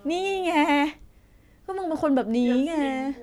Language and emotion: Thai, frustrated